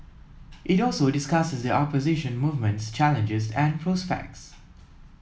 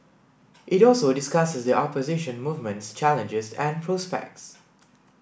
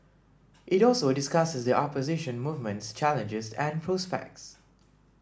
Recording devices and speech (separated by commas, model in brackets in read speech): mobile phone (iPhone 7), boundary microphone (BM630), standing microphone (AKG C214), read sentence